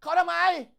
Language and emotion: Thai, angry